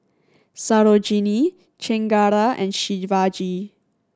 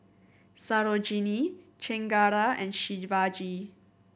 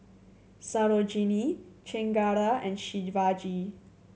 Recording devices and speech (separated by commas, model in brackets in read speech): standing microphone (AKG C214), boundary microphone (BM630), mobile phone (Samsung C7100), read sentence